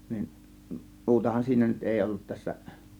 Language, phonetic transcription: Finnish, nin , "muutahan siinä nyt "èi ollut 'tässä .
- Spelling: niin muutahan siinä nyt ei ollut tässä

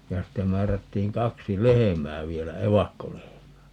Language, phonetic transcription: Finnish, ja "ste 'määrättiiŋ 'kaksi "lehemää 'vielä - "evakkolehemää .
- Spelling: ja sitten määrättiin kaksi lehmää vielä evakkolehmää

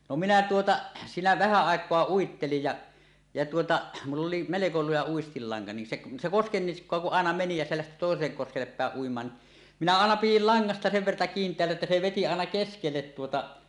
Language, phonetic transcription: Finnish, no 'minä 'tuota , siinä vähä àek̀oa "uittelij ja , ja tuota , mull ‿oli "meleko 'luja 'uistillaŋka nin 'seˀ , se 'koskennisk̀oa kuˀ "ˀàena 'meni ja se lähti tòesellek koskellep 'pä̀eˀ 'ˀuim̀aan ni , minä 'àena 'pijil 'laŋŋasta sev verta 'kiint̀eällä että 'se "veti aena "keskellet tuota .
- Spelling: no minä tuota siinä vähän aikaa uittelin ja ja tuota minulla oli melko luja uistinlanka niin se se koskenniskaa kun aina meni ja se lähti toiselle koskelle päin uimaan niin minä aina pidin langasta sen verta kiinteällä että se veti aina keskelle tuota

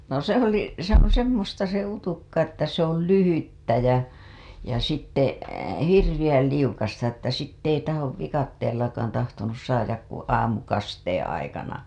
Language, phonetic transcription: Finnish, no 'se ‿oli , 'se ‿oo̰ 'semmosta se 'utukka ‿että se ‿ol "lyhyttä jä , ja sitte , "hirviʲäl 'liukasta ‿että 'sitt ‿ei tahov 'vikatteellakaan tahtonus saajak ku '"aamukasteeḛ aikana .
- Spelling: no se oli se on semmoista se utukka että se oli lyhyttä ja ja sitten hirveän liukasta että sitten ei tahdo viikatteellakaan tahtonut saada kuin aamukasteen aikana

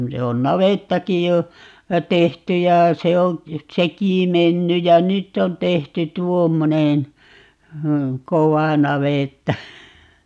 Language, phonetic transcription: Finnish, 'se on "navettakij jo , "tehty ja , 'se oo̰ , "sekì 'menny ja "nytt ‿on 'tehty "tuommonen , "kovà 'navètta .
- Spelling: se on navettakin jo tehty ja se on sekin mennyt ja nyt on tehty tuommoinen kova navetta

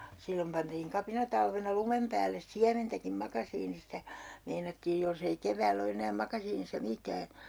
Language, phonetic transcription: Finnish, 'sillom pantiiŋ 'kapinatalvena 'lumem päälles "siämentäkim 'makasiinistä , meinattiij jolsei 'kevääll ‿o enää 'makasiinissa "mitää .
- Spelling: silloin pantiin kapinatalvena lumen päälle siementäkin makasiinista meinattiin jos ei keväällä ole enää makasiinissa mitään

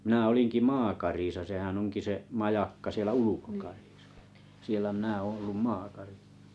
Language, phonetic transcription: Finnish, 'minä 'oliŋki maakarisa sehän 'oŋki se , 'majakka sielä "ulukokarɪsᴀ , 'sielä mⁱnä 'oon olluᵐ "maakarisᴀ .
- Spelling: minä olinkin maakarissa sehän onkin se majakka siellä ulkokarissa siellä minä olen ollut maakarissa

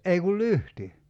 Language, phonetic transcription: Finnish, 'ei kul "lyhti .
- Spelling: ei kuin lyhty

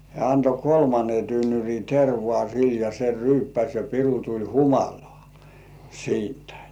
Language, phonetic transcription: Finnish, hĕä̀ anto "kolmane tynnyr̜i 'tervŏà sil ja se "ryyppäs̜ ja 'piru tuĺ "humalᴏ̆ᴀ̀ , 'siintᴀ̈ .
- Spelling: hän antoi kolmannen tynnyrin tervaa sille ja se ryyppäsi ja piru tuli humalaan siitä

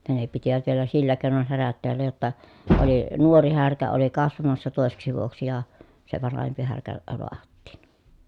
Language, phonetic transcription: Finnish, ja ne pitivät vielä sillä kèi̮non härät teällä jotta , oli , nuori härkä oli kasvamassa tòeseksi vuoksi ja , se vanahempi härkä , loahattiin .
- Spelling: ja ne pitivät vielä sillä keinoin härät täällä jotta oli nuori härkä oli kasvamassa toiseksi vuodeksi ja se vanhempi härkä lahdattiin

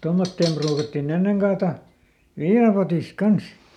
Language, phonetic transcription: Finnish, ˈtommotteem pruukattiˈn ‿enneŋ kaata , "viinapotìsᵏ ˈkans .
- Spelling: tuommoiseen pruukattiin ennen kaataa viinapotista kanssa

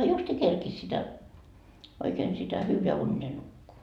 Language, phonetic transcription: Finnish, justii 'kerkis sitä , oikeen sitä 'hyyveä unnee 'nukkuu .
- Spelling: justiin kerkisi sitä oikein sitä hyvä uneta nukkua

